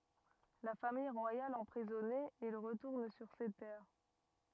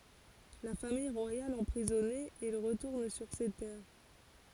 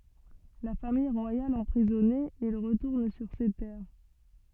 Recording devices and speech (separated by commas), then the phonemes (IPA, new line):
rigid in-ear microphone, forehead accelerometer, soft in-ear microphone, read sentence
la famij ʁwajal ɑ̃pʁizɔne il ʁətuʁn syʁ se tɛʁ